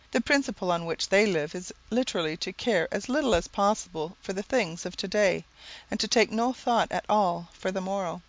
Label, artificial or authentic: authentic